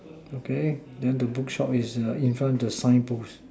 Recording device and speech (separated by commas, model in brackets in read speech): standing microphone, conversation in separate rooms